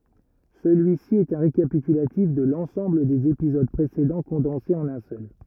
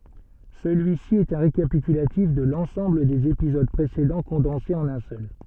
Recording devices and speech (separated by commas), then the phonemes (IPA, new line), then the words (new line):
rigid in-ear microphone, soft in-ear microphone, read sentence
səlyisi ɛt œ̃ ʁekapitylatif də lɑ̃sɑ̃bl dez epizod pʁesedɑ̃ kɔ̃dɑ̃se ɑ̃n œ̃ sœl
Celui-ci est un récapitulatif de l'ensemble des épisodes précédents condensé en un seul.